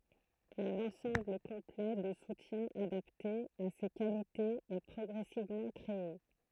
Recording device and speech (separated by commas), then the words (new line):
throat microphone, read sentence
Un ensemble complet de soutiens adapté à ses qualités est progressivement créé.